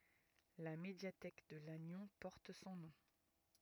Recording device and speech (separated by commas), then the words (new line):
rigid in-ear microphone, read sentence
La médiathèque de Lannion porte son nom.